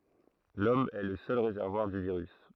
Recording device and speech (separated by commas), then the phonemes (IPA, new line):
throat microphone, read sentence
lɔm ɛ lə sœl ʁezɛʁvwaʁ dy viʁys